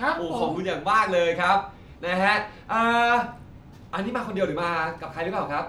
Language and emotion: Thai, happy